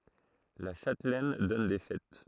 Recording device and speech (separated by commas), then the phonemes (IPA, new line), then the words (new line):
throat microphone, read sentence
la ʃatlɛn dɔn de fɛt
La châtelaine donne des fêtes.